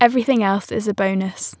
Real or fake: real